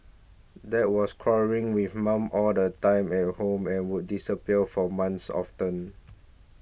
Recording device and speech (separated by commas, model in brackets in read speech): boundary microphone (BM630), read sentence